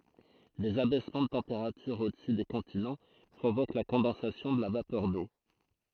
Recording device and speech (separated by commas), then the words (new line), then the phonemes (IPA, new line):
throat microphone, read sentence
Des abaissements de température au-dessus des continents provoquent la condensation de la vapeur d’eau.
dez abɛsmɑ̃ də tɑ̃peʁatyʁ odəsy de kɔ̃tinɑ̃ pʁovok la kɔ̃dɑ̃sasjɔ̃ də la vapœʁ do